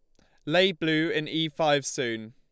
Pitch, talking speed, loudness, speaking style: 155 Hz, 195 wpm, -26 LUFS, Lombard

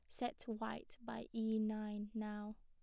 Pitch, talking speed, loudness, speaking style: 220 Hz, 150 wpm, -44 LUFS, plain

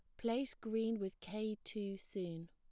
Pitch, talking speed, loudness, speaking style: 215 Hz, 155 wpm, -42 LUFS, plain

